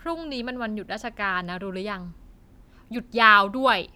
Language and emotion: Thai, frustrated